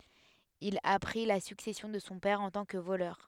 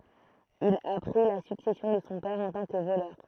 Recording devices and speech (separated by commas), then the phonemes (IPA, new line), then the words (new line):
headset microphone, throat microphone, read sentence
il a pʁi la syksɛsjɔ̃ də sɔ̃ pɛʁ ɑ̃ tɑ̃ kə volœʁ
Il a pris la succession de son père en tant que voleur.